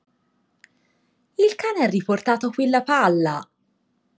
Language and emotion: Italian, surprised